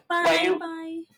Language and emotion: Thai, neutral